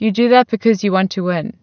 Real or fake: real